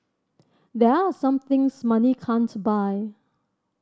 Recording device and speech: standing microphone (AKG C214), read sentence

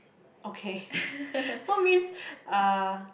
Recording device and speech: boundary microphone, conversation in the same room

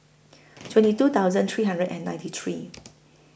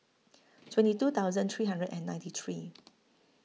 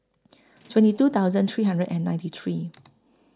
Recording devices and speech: boundary microphone (BM630), mobile phone (iPhone 6), close-talking microphone (WH20), read sentence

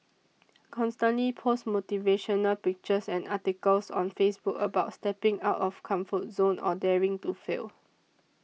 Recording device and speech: mobile phone (iPhone 6), read sentence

